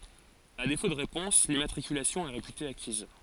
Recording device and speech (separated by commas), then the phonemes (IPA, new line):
forehead accelerometer, read sentence
a defo də ʁepɔ̃s limmatʁikylasjɔ̃ ɛ ʁepyte akiz